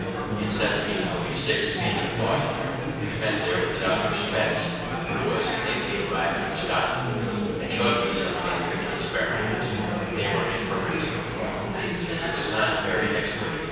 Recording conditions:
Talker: one person; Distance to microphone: 7.1 m; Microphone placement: far; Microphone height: 1.7 m; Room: very reverberant, large; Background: babble

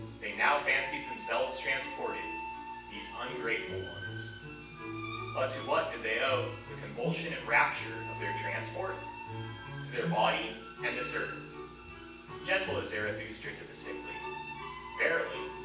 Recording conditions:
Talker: one person; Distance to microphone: 9.8 m; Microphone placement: far; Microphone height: 1.8 m; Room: large; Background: music

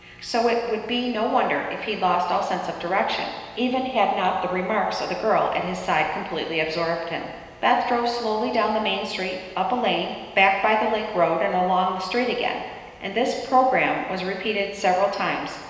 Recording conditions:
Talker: one person; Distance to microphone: 1.7 m; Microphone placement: close; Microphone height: 1.0 m; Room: very reverberant, large; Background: none

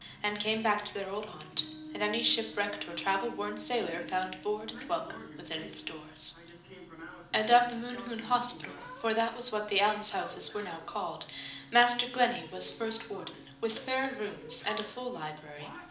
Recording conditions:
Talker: one person; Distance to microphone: 2.0 m; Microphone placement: close; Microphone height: 99 cm; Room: medium-sized (5.7 m by 4.0 m); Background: television

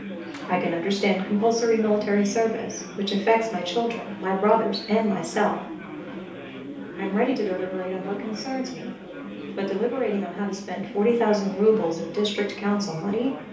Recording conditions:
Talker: one person; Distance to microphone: 3.0 m; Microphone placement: far; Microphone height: 1.8 m; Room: small (3.7 m by 2.7 m); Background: babble

